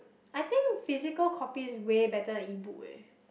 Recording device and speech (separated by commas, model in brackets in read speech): boundary microphone, conversation in the same room